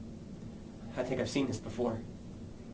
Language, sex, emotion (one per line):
English
male
neutral